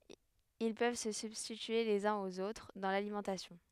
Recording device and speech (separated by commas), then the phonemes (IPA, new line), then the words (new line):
headset microphone, read sentence
il pøv sə sybstitye lez œ̃z oz otʁ dɑ̃ lalimɑ̃tasjɔ̃
Ils peuvent se substituer les uns aux autres dans l'alimentation.